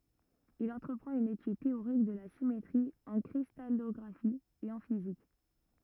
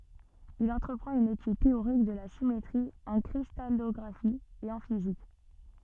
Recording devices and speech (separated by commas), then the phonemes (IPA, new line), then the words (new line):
rigid in-ear microphone, soft in-ear microphone, read sentence
il ɑ̃tʁəpʁɑ̃t yn etyd teoʁik də la simetʁi ɑ̃ kʁistalɔɡʁafi e ɑ̃ fizik
Il entreprend une étude théorique de la symétrie en cristallographie et en physique.